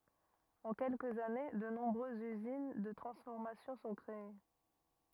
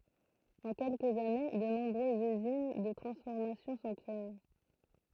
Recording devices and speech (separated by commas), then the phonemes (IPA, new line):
rigid in-ear microphone, throat microphone, read sentence
ɑ̃ kɛlkəz ane də nɔ̃bʁøzz yzin də tʁɑ̃sfɔʁmasjɔ̃ sɔ̃ kʁee